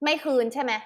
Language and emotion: Thai, angry